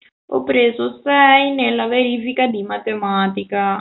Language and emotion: Italian, sad